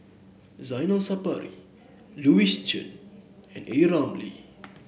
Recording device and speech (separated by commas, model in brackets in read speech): boundary microphone (BM630), read sentence